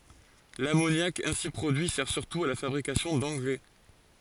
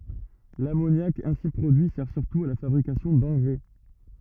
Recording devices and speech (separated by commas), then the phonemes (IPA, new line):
forehead accelerometer, rigid in-ear microphone, read sentence
lamonjak ɛ̃si pʁodyi sɛʁ syʁtu a la fabʁikasjɔ̃ dɑ̃ɡʁɛ